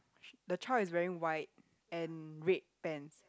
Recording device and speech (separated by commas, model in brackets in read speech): close-talking microphone, conversation in the same room